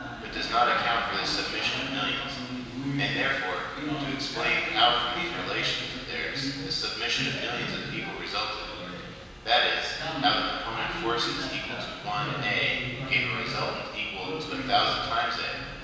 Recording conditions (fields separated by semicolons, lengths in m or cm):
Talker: one person; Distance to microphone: 1.7 m; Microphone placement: close; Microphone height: 1.0 m; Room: very reverberant, large; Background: television